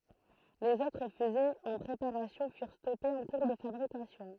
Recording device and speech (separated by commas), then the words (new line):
throat microphone, read sentence
Les autres fusées en préparation furent stoppées en cours de fabrication.